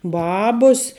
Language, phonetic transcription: Lithuanian, ˈbabus

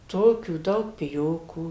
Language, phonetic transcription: Lithuanian, ˈtokių ˈdaug piˈjokų

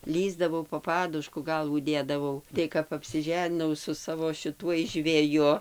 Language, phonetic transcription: Lithuanian, ˈlįsdavau po ˈpadušku ˈgalvų ˈdėdavau ˈtai kap apsiˈženinau su ˈsavo šiˈtuoj žveˈju

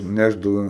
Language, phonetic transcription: Lithuanian, ˈnešdava

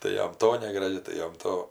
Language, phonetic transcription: Lithuanian, tai ˈjam ˈto negraˈži tai ˈjam ˈto

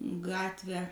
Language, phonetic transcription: Lithuanian, ˈgatvę

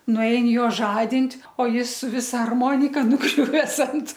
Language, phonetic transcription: Lithuanian, nuˈein ˈjo ˈžadint' o ˈjis su ˈvisa arˈmonika nuˈgriuves ant

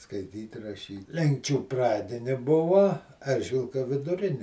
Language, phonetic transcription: Lithuanian, skaiˈtyt' raˈšyt' ˈlenkčių ˈpradini ˈbuva ˈeržvilka viduˈrini

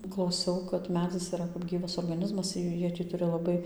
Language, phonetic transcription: Lithuanian, klauˈsiau kad ˈmedzis yˈra kap ˈgyvas orgaˈnizmas ir jau ˈjie ti ˈturi laˈbai

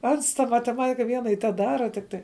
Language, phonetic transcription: Lithuanian, ˈans ta mateˈmatika ˈviena ir teˈdara ˈtikˌtai

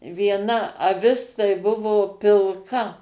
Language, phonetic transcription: Lithuanian, vieˈna aˈvis tai ˈbuvo pilˈka

